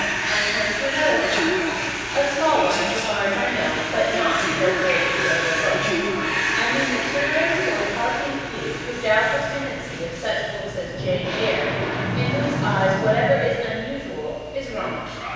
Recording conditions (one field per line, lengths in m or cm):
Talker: one person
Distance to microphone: 7.1 m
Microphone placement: far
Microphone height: 1.7 m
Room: very reverberant, large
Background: television